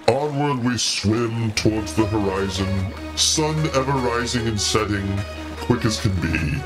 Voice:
deep voice